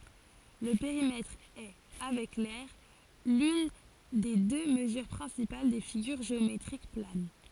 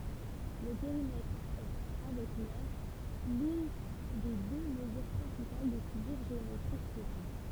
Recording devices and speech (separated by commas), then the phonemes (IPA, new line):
forehead accelerometer, temple vibration pickup, read sentence
lə peʁimɛtʁ ɛ avɛk lɛʁ lyn de dø məzyʁ pʁɛ̃sipal de fiɡyʁ ʒeometʁik plan